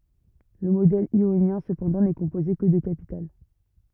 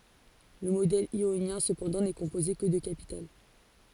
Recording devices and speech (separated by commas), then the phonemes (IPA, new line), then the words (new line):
rigid in-ear microphone, forehead accelerometer, read sentence
lə modɛl jonjɛ̃ səpɑ̃dɑ̃ nɛ kɔ̃poze kə də kapital
Le modèle ionien, cependant, n'est composé que de capitales.